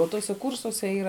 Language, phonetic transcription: Lithuanian, o ˈtuose ˈkūrsuose ˈyra

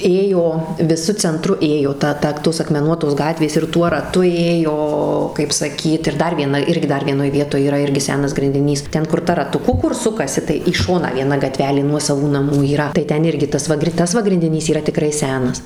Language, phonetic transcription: Lithuanian, ˈėjo viˈsu cenˈtru ˈėjo ˈta ˈta ˈtos akmeˈnuotos ˈgatvės ir ˈtuo raˈtu ˈėjo kaip saˈkyt ir ˈdar vieˈna ˈirgi ˈdar vieˈnoj ˈvietoj yˈra ˈirgi ˈsenas grindiˈnys ˈten kur ˈta ratuˈku ˈkur ˈsukasi tai į ˈšoną vieˈna gaˈtvelė ˈnuosavų naˈmų yˈra tai ˈten ˈirgi ˈtas va ˈtas va grindiˈnys yˈra tiˈkrai ˈsenas

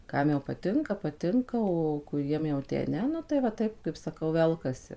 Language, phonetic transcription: Lithuanian, ˈkam jau paˈtinka paˈtinka o kuˈriem jau tę ˈne ˈnu tai va ˈtaip kaip saˈkau ˈvelkasi

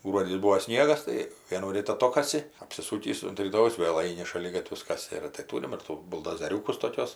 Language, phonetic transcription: Lithuanian, ˈgruodį ˈbūo ˈsniegas ˈtai vienųˈryt aˈtokasi apsiˈsūkįs unt ryˈtojaus ˈvėl ˈaini šaˈligatvius ˈkasi ir tai ˈtūrim ir ˈtų buldozeˈriūkus toˈkiuos

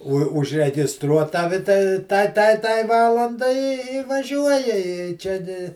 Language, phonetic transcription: Lithuanian, o užregisˈtruo ˈtavi ta ˈtai ˈtai ˈtai ˈvalandai i i vaˈžiuoja i ˈčia gi

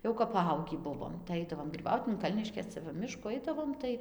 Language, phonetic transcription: Lithuanian, ˈjau kap paˈaugį ˈbuvom tai ˈaidavom ˈot in ˈkalniškės ˈcia va ˈmiškų ˈaidavom tai

